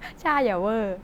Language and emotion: Thai, happy